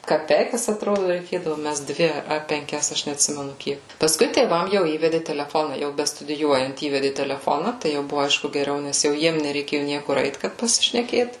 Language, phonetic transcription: Lithuanian, kaˈpeikas atˈrodu reikėdavu ˈmest ˈdvi a penˈkias ˈaš neatˈsimenu ˈkiek pasˈkui tėˈvam jau ˈįvedi teleˈfona ˈjau bestudiˈjuojant ˈįvedi teleˈfona tai ˈjau ˈbuvu ˈaišku geˈriau nes jau ˈjiem nereiˈkėju ˈniekur ˈeit kad pasišneˈkėt

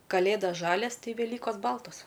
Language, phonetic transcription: Lithuanian, kaˈlėdas ˈžalias ˈtai veˈlykos ˈbaltos

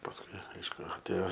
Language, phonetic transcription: Lithuanian, pasˈkui ˈaišku atˈėjo

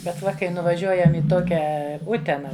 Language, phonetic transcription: Lithuanian, bet ˈva kai nuvaˈžiuojam i ˈtokia ˈutena

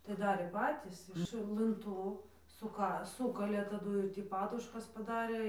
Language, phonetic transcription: Lithuanian, tai ˈdarė ˈpatys iš lɨnˈtų suˈka ˈsūkalė taˈdū ir ˈtį ˈpaduškas paˈdarė

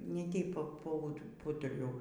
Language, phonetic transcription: Lithuanian, ˈne ˈteip ˈpa ˈpa pˈūturiau

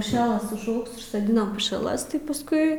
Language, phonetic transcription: Lithuanian, puˈšialas užˈaugs užsoˈdinam pušiaˈlas tai pasˈkui

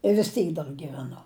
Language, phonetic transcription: Lithuanian, i vis ˈtyk dar gyveˈnu

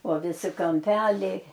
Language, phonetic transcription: Lithuanian, o viˈsi kamˈpeliai

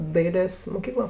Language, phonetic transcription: Lithuanian, ˈdailės moˈkyklo

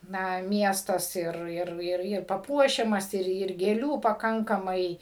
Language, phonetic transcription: Lithuanian, ˈna ˈmiestas ˈir ˈir ˈir ir paˈpuošiamas ˈir ir gėˈlių paˈkankamai

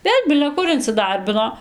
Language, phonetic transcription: Lithuanian, ˈvėl' bile ˈkur inciˈdarbino

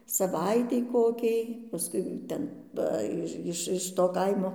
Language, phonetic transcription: Lithuanian, saˈvaitei ˈkokiai paˈskui ˈten ˈva iž ˈiš iš to ˈkaimo

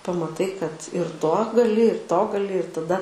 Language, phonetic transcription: Lithuanian, pamaˈtai kad ir to gaˈli ir to gaˈli ir taˈda

